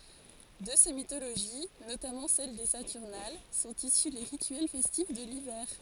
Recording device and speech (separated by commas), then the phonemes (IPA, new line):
forehead accelerometer, read sentence
də se mitoloʒi notamɑ̃ sɛl de satyʁnal sɔ̃t isy le ʁityɛl fɛstif də livɛʁ